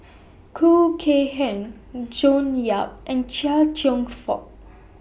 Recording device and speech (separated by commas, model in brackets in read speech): boundary microphone (BM630), read sentence